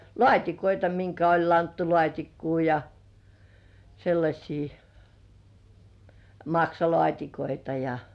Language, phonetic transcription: Finnish, lŏàt́ikoita 'miŋkä oĺ 'lanttulŏàt́ikkuu ja , 'sellaśii , "maksalŏàt́ikoita ja .
- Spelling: laatikoita minkä oli lanttulaatikkoa ja sellaisia maksalaatikoita ja

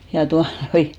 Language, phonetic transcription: Finnish, ja 'tuanoi .
- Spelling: ja tuota noin

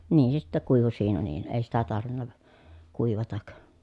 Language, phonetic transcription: Finnish, niin se sittä kuivu siinä niin , èi sitä tarvinna , kuivatak .
- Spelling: niin se sitten kuivui siinä niin ei sitä tarvinnut kuivata

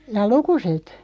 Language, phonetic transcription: Finnish, jaa "lukuset ?
- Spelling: jaa lukuset

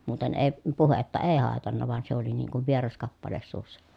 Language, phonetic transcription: Finnish, muuten èi̮ , puhetta èi̮ hàetanna van se ‿oli niiŋ kuv vieras kappales suussa .
- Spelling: muuten ei puhetta ei haitannut vaan se oli niin kuin vieras kappale suussa

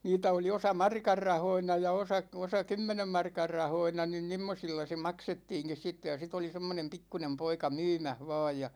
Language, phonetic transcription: Finnish, 'niitä oli 'osa "markar 'rahoina ja 'osa , 'osa "kymmenem 'markar 'rahoina nin 'n̳§immosilla se 'maksettiiŋkis sitte ja 'sit ‿oli 'semmonem 'pikkunem 'poika "myymäh 'va̭a̭j ja .
- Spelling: niitä oli osa markan rahoina ja osa osa kymmenen markan rahoina niin semmoisilla se maksettiinkin sitten ja sitten oli semmoinen pikkuinen poika myymässä vain ja

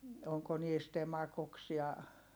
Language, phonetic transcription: Finnish, oŋko niist ‿emakoks ja ,.
- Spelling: onko niistä emakoiksi ja

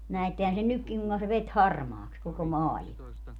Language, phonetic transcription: Finnish, 'näettehän sen "nykkiŋ kuŋka se 'vet "harmaaks koko "maalima .
- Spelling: näettehän sen nytkin kuinka se veti harmaaksi koko maailman

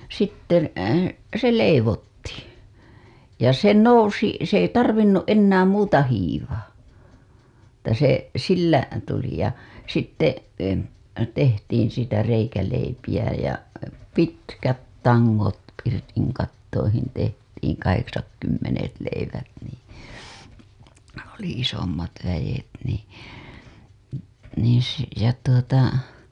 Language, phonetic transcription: Finnish, 'sitten , 'se "leivottII , ja se "nousi , s ‿ei "tarvinnuˀ ˀennääm "muuta 'hiivaa , että se , 'sillä , tuli ja , sitte , tehtiin̬ siitä reikäleipiʲä ja , "pitkät "taŋŋot 'pirtiŋkattoihin 'tehtiiŋ 'kaheksatkymmenet 'leivät nii , oli isommat väʲet nii , niiḭ se , ja tuota .
- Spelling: sitten se leivottiin ja se nousi se ei tarvinnut enää muuta hiivaa että se sillä tuli ja sitten tehtiin siitä reikäleipiä ja pitkät tangot pirtinkattoihin tehtiin kahdeksatkymmenet leivät niin oli isommat väet niin niin se ja tuota

